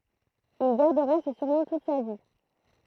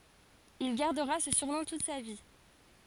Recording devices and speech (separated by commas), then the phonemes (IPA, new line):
throat microphone, forehead accelerometer, read sentence
il ɡaʁdəʁa sə syʁnɔ̃ tut sa vi